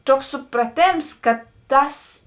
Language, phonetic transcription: Lithuanian, ˈtuoks supraˈtėms ka ˈtas

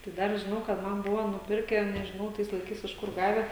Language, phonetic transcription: Lithuanian, tai ˈdar žiˈnau kad ˈman ˈbuvo nuˈpirke nežiˈnau ˈtais laiˈkais iš ˈkur ˈgave

